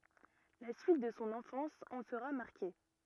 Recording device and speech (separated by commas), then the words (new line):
rigid in-ear microphone, read sentence
La suite de son enfance en sera marquée.